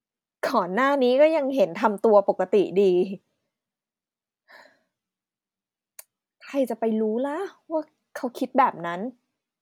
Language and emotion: Thai, frustrated